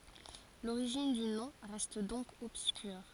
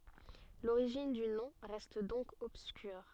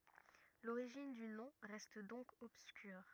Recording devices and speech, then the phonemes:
forehead accelerometer, soft in-ear microphone, rigid in-ear microphone, read sentence
loʁiʒin dy nɔ̃ ʁɛst dɔ̃k ɔbskyʁ

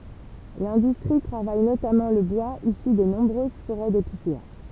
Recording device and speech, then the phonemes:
temple vibration pickup, read sentence
lɛ̃dystʁi tʁavaj notamɑ̃ lə bwaz isy de nɔ̃bʁøz foʁɛ depisea

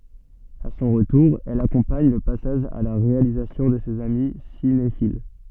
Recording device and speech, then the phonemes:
soft in-ear microphone, read sentence
a sɔ̃ ʁətuʁ ɛl akɔ̃paɲ lə pasaʒ a la ʁealizasjɔ̃ də sez ami sinefil

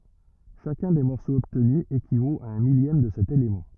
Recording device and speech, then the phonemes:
rigid in-ear microphone, read sentence
ʃakœ̃ de mɔʁsoz ɔbtny ekivot a œ̃ miljɛm də sɛt elemɑ̃

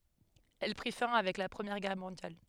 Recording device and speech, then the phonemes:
headset microphone, read sentence
ɛl pʁi fɛ̃ avɛk la pʁəmjɛʁ ɡɛʁ mɔ̃djal

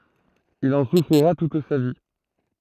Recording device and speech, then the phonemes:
throat microphone, read sentence
il ɑ̃ sufʁiʁa tut sa vi

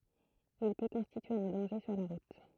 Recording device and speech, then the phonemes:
throat microphone, read sentence
il pø kɔ̃stitye œ̃ dɑ̃ʒe syʁ la ʁut

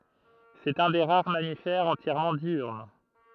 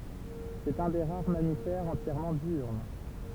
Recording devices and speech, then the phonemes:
throat microphone, temple vibration pickup, read sentence
sɛt œ̃ de ʁaʁ mamifɛʁz ɑ̃tjɛʁmɑ̃ djyʁn

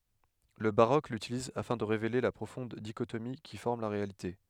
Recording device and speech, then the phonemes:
headset microphone, read sentence
lə baʁok lytiliz afɛ̃ də ʁevele la pʁofɔ̃d diʃotomi ki fɔʁm la ʁealite

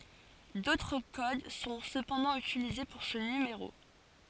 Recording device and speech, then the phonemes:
forehead accelerometer, read sentence
dotʁ kod sɔ̃ səpɑ̃dɑ̃ ytilize puʁ sə nymeʁo

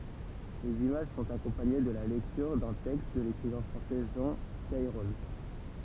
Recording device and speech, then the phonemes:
temple vibration pickup, read sentence
lez imaʒ sɔ̃t akɔ̃paɲe də la lɛktyʁ dœ̃ tɛkst də lekʁivɛ̃ fʁɑ̃sɛ ʒɑ̃ kɛʁɔl

